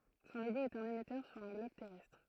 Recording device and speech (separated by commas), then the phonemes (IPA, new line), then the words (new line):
throat microphone, read sentence
sɔ̃ loɡo ɛt œ̃n emɛtœʁ syʁ œ̃ ɡlɔb tɛʁɛstʁ
Son logo est un émetteur sur un globe terrestre.